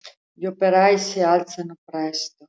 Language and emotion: Italian, sad